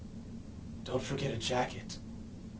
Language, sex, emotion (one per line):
English
male
neutral